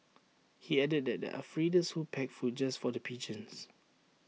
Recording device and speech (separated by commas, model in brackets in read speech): mobile phone (iPhone 6), read sentence